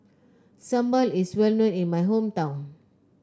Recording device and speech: close-talking microphone (WH30), read sentence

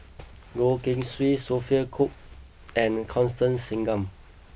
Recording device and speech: boundary microphone (BM630), read sentence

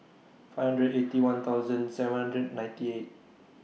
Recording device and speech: mobile phone (iPhone 6), read sentence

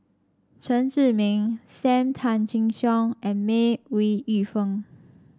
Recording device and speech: standing microphone (AKG C214), read sentence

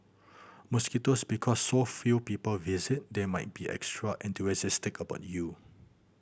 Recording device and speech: boundary microphone (BM630), read sentence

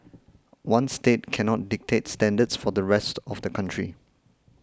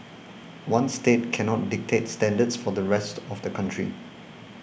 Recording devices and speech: close-talking microphone (WH20), boundary microphone (BM630), read sentence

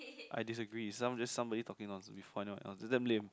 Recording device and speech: close-talking microphone, conversation in the same room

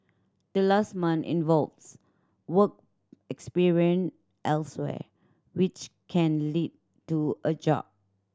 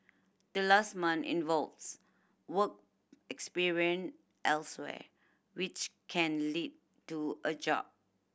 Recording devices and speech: standing microphone (AKG C214), boundary microphone (BM630), read sentence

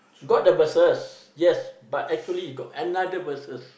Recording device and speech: boundary microphone, conversation in the same room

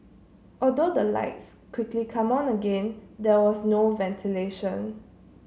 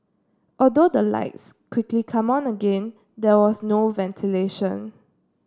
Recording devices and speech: mobile phone (Samsung C7), standing microphone (AKG C214), read sentence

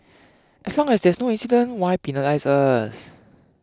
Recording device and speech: close-talking microphone (WH20), read sentence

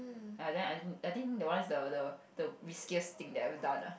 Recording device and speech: boundary microphone, conversation in the same room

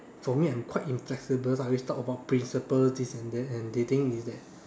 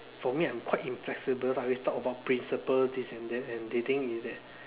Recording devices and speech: standing microphone, telephone, conversation in separate rooms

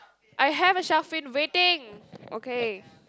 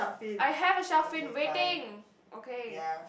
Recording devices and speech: close-talking microphone, boundary microphone, conversation in the same room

